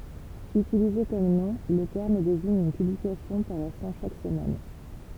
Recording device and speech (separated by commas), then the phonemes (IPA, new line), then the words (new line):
temple vibration pickup, read sentence
ytilize kɔm nɔ̃ lə tɛʁm deziɲ yn pyblikasjɔ̃ paʁɛsɑ̃ ʃak səmɛn
Utilisé comme nom, le terme désigne une publication paraissant chaque semaine.